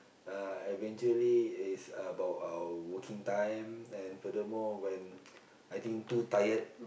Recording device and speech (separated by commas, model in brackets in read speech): boundary microphone, conversation in the same room